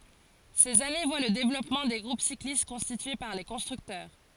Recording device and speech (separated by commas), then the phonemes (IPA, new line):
forehead accelerometer, read sentence
sez ane vwa lə devlɔpmɑ̃ de ɡʁup siklist kɔ̃stitye paʁ le kɔ̃stʁyktœʁ